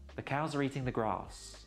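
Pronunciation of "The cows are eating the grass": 'The cows are eating the grass' is said at a normal pace, the way a native speaker says it, not slowly and deliberately.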